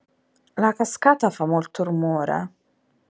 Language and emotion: Italian, disgusted